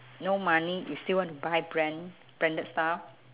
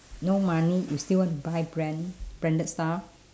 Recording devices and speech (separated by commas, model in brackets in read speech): telephone, standing microphone, conversation in separate rooms